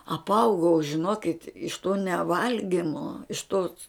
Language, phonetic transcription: Lithuanian, apˈaugau žiˈnokit iš to neˈvalgimo iš tos

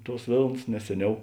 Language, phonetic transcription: Lithuanian, ˈtuos ˈvėlns nes ˈseˌniau

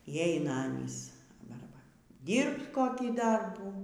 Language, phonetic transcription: Lithuanian, y ˈeina ˈanys ˈbar ˈbar ˈdyrbt ˈkokį ˈdarbų

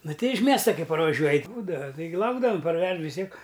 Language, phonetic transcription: Lithuanian, ˈnuˈtei iš ˈmiesta ˈkai parvaˈžiuoj ˈbūdava taiˈgi ˈlaukdavam parˈvež vis ˈtiek

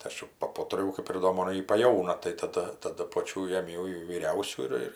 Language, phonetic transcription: Lithuanian, tai ˈaš ju paˈputrijau kap ir ˈdo ˈmon ˈji paˈjauna tai taˈda taˈdu ˈpočių jėˈmiau jau vyˈriausių ir ˈir

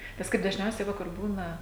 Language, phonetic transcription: Lithuanian, nes ˈkaip dažˈniausiai ˈva kur ˈbūna

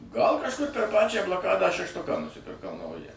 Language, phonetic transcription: Lithuanian, gal kažˈkur per ˈpačią blaˈkadą šešˈtuką nusipirˈkau ˈnaują

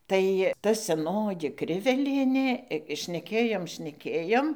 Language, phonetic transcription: Lithuanian, tai ˈta seˈnoji ˈkrivelienė šneˈkėjom šneˈkėjom

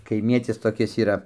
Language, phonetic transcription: Lithuanian, kaiˈmietis toˈkis yˈra

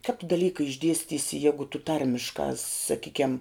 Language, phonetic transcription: Lithuanian, kap tu daˈlyka išˈdiestysi ˈjegu tu ˈtarmiškā saˈkykiam

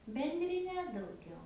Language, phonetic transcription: Lithuanian, bendriˈne dauˈgiau

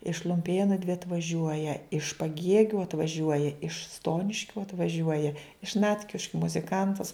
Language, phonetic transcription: Lithuanian, iš lumˈpėnu dvi atvaˈžiuoja iš paˈgiegiu atvaˈžiuoja iš ˈstoniškiu atvaˈžiuoja iš ˈnatkiškiu muziˈkantas

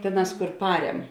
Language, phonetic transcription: Lithuanian, ˈtėˌnās kur ˈparem

